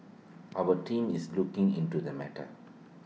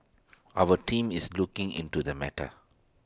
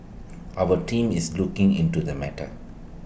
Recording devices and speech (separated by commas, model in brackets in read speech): mobile phone (iPhone 6), standing microphone (AKG C214), boundary microphone (BM630), read sentence